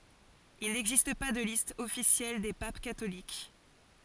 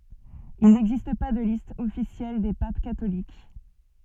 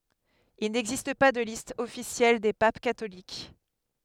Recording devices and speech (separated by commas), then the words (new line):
forehead accelerometer, soft in-ear microphone, headset microphone, read sentence
Il n’existe pas de liste officielle des papes catholiques.